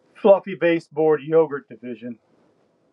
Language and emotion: English, sad